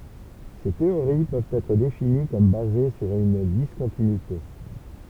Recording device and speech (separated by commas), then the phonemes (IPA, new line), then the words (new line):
temple vibration pickup, read sentence
se teoʁi pøvt ɛtʁ defini kɔm baze syʁ yn diskɔ̃tinyite
Ces théories peuvent être définies comme basées sur une discontinuité.